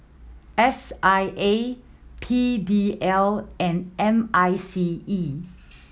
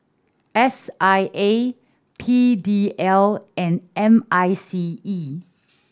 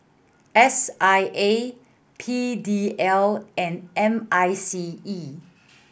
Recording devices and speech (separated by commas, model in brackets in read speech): mobile phone (iPhone 7), standing microphone (AKG C214), boundary microphone (BM630), read sentence